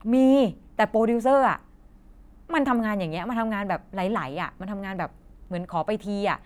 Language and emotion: Thai, frustrated